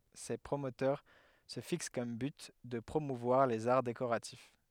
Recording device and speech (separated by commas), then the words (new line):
headset microphone, read sentence
Ses promoteurs se fixent comme but de promouvoir les arts décoratifs.